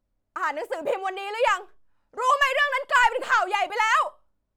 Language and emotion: Thai, angry